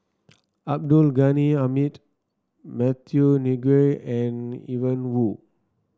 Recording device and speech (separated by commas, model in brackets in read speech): standing microphone (AKG C214), read sentence